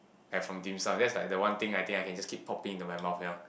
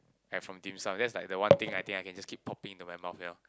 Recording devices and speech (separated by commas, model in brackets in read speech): boundary microphone, close-talking microphone, conversation in the same room